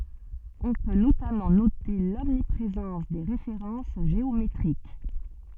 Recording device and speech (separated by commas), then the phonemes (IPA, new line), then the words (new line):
soft in-ear microphone, read sentence
ɔ̃ pø notamɑ̃ note lɔmnipʁezɑ̃s de ʁefeʁɑ̃s ʒeometʁik
On peut notamment noter l'omniprésence des références géométriques.